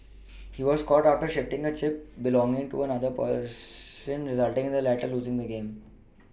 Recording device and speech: boundary microphone (BM630), read sentence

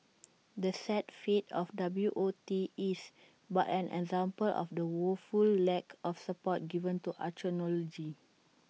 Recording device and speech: mobile phone (iPhone 6), read sentence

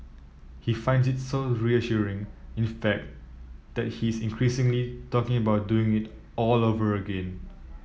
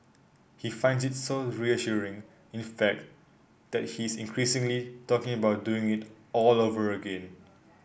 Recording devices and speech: mobile phone (iPhone 7), boundary microphone (BM630), read sentence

